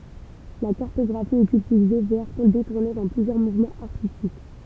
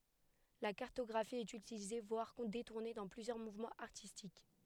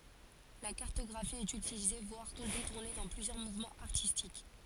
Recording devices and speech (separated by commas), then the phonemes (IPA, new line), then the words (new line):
temple vibration pickup, headset microphone, forehead accelerometer, read sentence
la kaʁtɔɡʁafi ɛt ytilize vwaʁ detuʁne dɑ̃ plyzjœʁ muvmɑ̃z aʁtistik
La cartographie est utilisée voire détournée dans plusieurs mouvements artistiques.